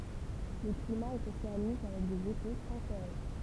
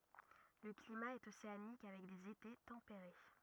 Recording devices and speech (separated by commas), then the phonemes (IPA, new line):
temple vibration pickup, rigid in-ear microphone, read sentence
lə klima ɛt oseanik avɛk dez ete tɑ̃peʁe